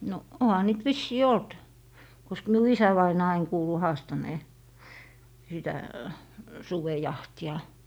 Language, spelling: Finnish, no onhan niitä vissiin ollut koska minun isävainaa aina kuului haastaneen sitä sudenjahtia
- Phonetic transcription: no 'oha niit "vissii 'olt , kosk miu "isävainaa ain 'kuulu 'haastanee , sitä , "suvejahti₍a .

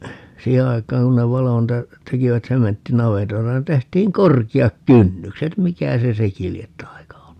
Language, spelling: Finnish, siihen aikaan kun ne valoi niitä tekivät sementtinavetoita niin tehtiin korkeat kynnykset mikä se sekin lie taika ollut
- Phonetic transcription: 'siihe aik̀aaŋ ku ne 'valo niitä , 'tekivät 'sementti"navetoita ni 'tehtiiŋ "korki₍ak "kynnykset - "mikä se 'seki liet 'tai̮ka ollu ?

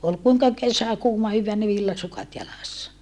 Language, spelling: Finnish, oli kuinka kesä kuuma hyvään niin villasukat jalassa
- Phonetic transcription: ol kuiŋka kesä kuuma hyvvää ni villasukat jalassa .

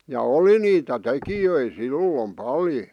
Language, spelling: Finnish, ja oli niitä tekijöitä silloin paljon
- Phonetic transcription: ja "oli 'niitä "tekijöi "sillom "paljo .

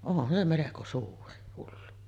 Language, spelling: Finnish, onhan se melko suuri hullu
- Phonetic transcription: 'onhan se meleko 'suuri , hullu .

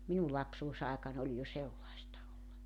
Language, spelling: Finnish, minun lapsuusaikani oli jo sellaista oli
- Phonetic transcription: 'minu 'lapsuusaekan ‿oĺ jo 'sellaesta (ol) .

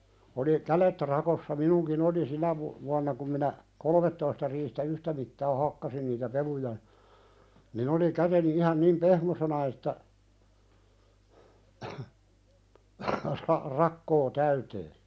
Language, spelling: Finnish, oli kädet rakossa minunkin oli sinä - vuonna kun minä kolmetoista riihtä yhtä mittaa hakkasin niitä peluja niin oli käteni ihan niin pehmoisena että - rakko täyteen
- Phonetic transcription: oli , 'kälet rakossa 'minuŋki"n ‿oli 'sinä vu- , vuanna kum minä , 'kolᵒmettoista riihtä "yhtä mittaa 'hakkasin niitä 'peluja , nin ‿oli 'käteni ihan 'nim "pehmosena että , ra- 'rakkoo "täytee .

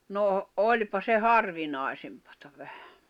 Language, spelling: Finnish, no olipa se harvinaisempaa vähän
- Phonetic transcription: noo , "’oĺpa se "harvinài̬sempᴀtᴀ ᴠᴀ̈hᴀ̈ .

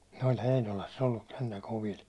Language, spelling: Finnish, ne oli Heinolassa ollut sentään kovilla
- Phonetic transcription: ne oĺ 'Heinolass ‿ollus 'sentä 'kovil .

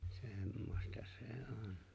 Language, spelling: Finnish, semmoista se on
- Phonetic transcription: 'sèmmosta 'sè "òn .

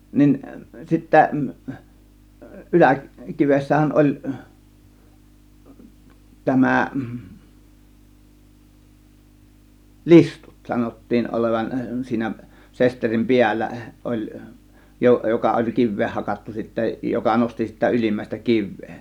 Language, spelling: Finnish, niin sitten yläkivessähän oli tämä listut sanottiin olevan siinä sesterin päällä oli - joka oli kiveen hakattu sitten joka nosti sitä ylimmäistä kiveä
- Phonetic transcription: nin 'sittä , 'ˀyläkivessähän ˀoĺ , 'tämä̀ , "listUt 'sanottiin olevan , 'siinä 'sesterim "piällä oĺ , jo- , 'joka oĺ 'kivveeh 'hakattu sittä , joka 'nosti sitä 'ylimmä̀ėstä "kiv̆vee .

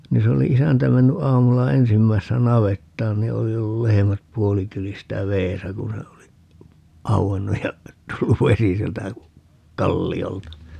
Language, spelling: Finnish, niin se oli isäntä mennyt aamulla ensimmäisenä navettaan niin oli ollut lehmät puolikyljistä vedessä kun se oli auennut ja tullut vesi sieltä kalliolta
- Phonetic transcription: 'ni se oli 'isäntä menny 'ʼaamulla "ensimmäissä 'navettaan ni 'oli ollu 'lehemät "puolikyljistä "veesä 'ku se oli , 'au₍ennuj ja , 'tulluv "vesi sieltä , "kalli₍olta .

